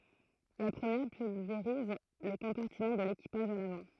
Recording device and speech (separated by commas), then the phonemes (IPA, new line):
throat microphone, read sentence
la pʁəmjɛʁ pylveʁiz lə kɔ̃paʁtimɑ̃ də lekipaʒ a lavɑ̃